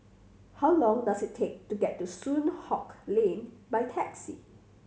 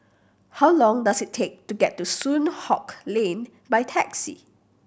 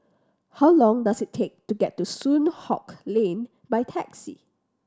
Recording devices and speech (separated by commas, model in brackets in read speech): mobile phone (Samsung C7100), boundary microphone (BM630), standing microphone (AKG C214), read sentence